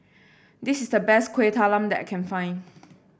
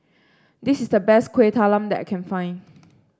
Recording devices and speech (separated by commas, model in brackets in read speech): boundary microphone (BM630), standing microphone (AKG C214), read sentence